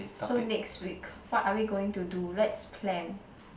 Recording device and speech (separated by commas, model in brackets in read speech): boundary microphone, conversation in the same room